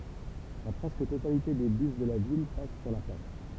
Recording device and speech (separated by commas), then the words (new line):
temple vibration pickup, read sentence
La presque totalité des bus de la ville passent sur la place.